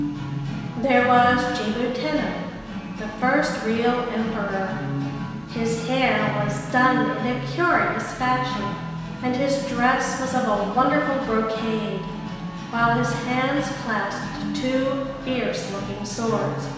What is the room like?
A very reverberant large room.